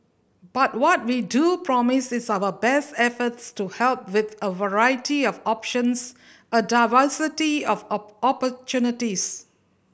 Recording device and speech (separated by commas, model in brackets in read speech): boundary microphone (BM630), read sentence